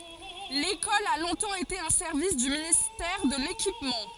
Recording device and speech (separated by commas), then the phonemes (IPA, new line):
forehead accelerometer, read sentence
lekɔl a lɔ̃tɑ̃ ete œ̃ sɛʁvis dy ministɛʁ də lekipmɑ̃